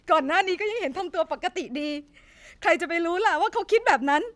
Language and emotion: Thai, sad